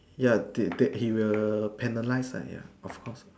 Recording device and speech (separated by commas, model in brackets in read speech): standing microphone, conversation in separate rooms